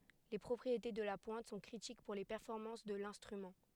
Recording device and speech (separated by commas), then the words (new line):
headset microphone, read sentence
Les propriétés de la pointe sont critiques pour les performances de l'instrument.